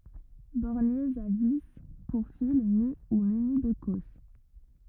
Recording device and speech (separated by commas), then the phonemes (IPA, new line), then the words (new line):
rigid in-ear microphone, read sentence
bɔʁnjez a vi puʁ fil ny u myni də kɔs
Borniers à vis, pour fil nu ou muni de cosse.